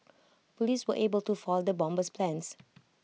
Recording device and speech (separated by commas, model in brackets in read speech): mobile phone (iPhone 6), read sentence